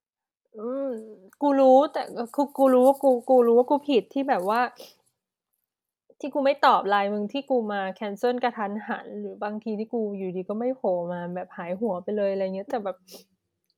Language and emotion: Thai, sad